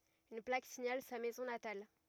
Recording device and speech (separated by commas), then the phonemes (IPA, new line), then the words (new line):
rigid in-ear microphone, read sentence
yn plak siɲal sa mɛzɔ̃ natal
Une plaque signale sa maison natale.